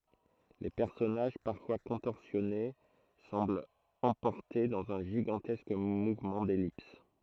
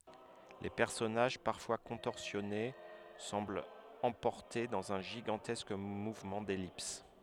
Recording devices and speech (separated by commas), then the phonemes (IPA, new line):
throat microphone, headset microphone, read sentence
le pɛʁsɔnaʒ paʁfwa kɔ̃tɔʁsjɔne sɑ̃blt ɑ̃pɔʁte dɑ̃z œ̃ ʒiɡɑ̃tɛsk muvmɑ̃ dɛlips